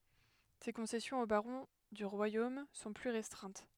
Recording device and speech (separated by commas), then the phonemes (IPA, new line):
headset microphone, read sentence
se kɔ̃sɛsjɔ̃z o baʁɔ̃ dy ʁwajom sɔ̃ ply ʁɛstʁɛ̃t